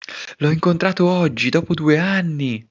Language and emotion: Italian, surprised